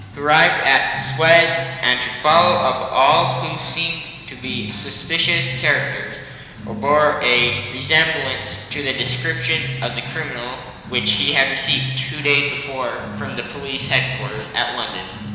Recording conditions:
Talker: one person; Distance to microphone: 1.7 m; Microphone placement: close; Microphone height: 1.0 m; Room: very reverberant, large; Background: music

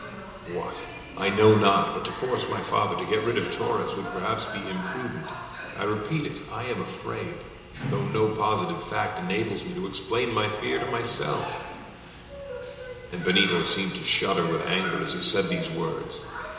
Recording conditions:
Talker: one person; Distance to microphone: 1.7 m; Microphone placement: close; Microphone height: 1.0 m; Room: very reverberant, large; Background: television

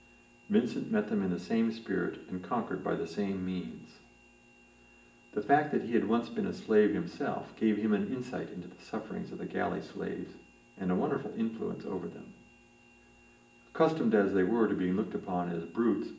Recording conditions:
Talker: one person; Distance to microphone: 1.8 m; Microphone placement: close; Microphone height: 1.0 m; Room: large; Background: none

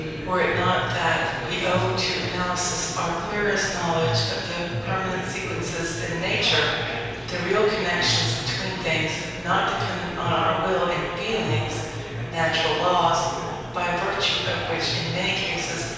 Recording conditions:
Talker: one person; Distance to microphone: 7.1 m; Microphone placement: far; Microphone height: 1.7 m; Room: very reverberant, large; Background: babble

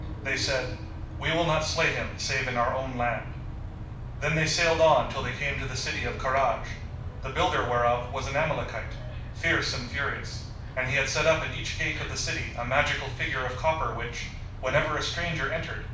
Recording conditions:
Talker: one person; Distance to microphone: 5.8 m; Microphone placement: far; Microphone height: 1.8 m; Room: medium-sized (5.7 m by 4.0 m); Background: television

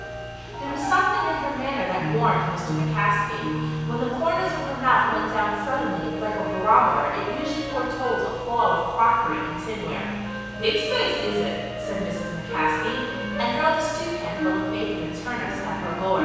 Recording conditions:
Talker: one person; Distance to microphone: 7.1 m; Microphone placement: far; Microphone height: 1.7 m; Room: very reverberant, large; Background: music

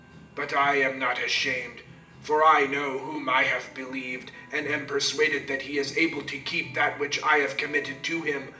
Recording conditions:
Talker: one person; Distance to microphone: 1.8 m; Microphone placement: close; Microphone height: 1.0 m; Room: large; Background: music

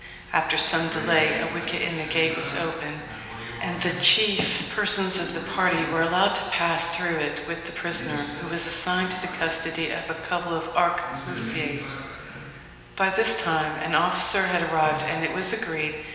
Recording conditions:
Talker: one person; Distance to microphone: 1.7 m; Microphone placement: close; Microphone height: 1.0 m; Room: very reverberant, large; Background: television

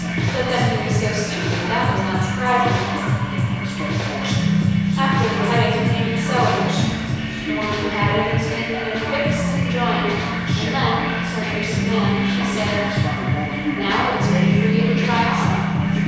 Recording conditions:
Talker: one person; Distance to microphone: 7.1 m; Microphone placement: far; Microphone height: 1.7 m; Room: very reverberant, large; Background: music

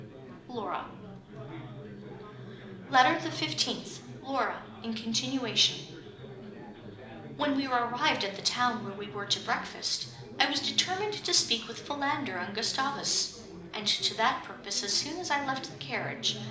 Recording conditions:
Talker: one person; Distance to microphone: 2.0 m; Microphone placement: close; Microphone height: 99 cm; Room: medium-sized (5.7 m by 4.0 m); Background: babble

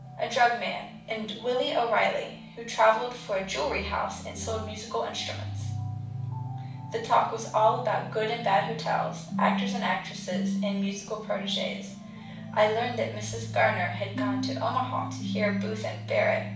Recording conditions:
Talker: one person; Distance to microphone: 5.8 m; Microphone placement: far; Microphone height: 1.8 m; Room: medium-sized (5.7 m by 4.0 m); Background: music

